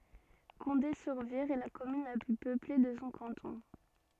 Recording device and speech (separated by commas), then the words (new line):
soft in-ear microphone, read sentence
Condé-sur-Vire est la commune la plus peuplée de son canton.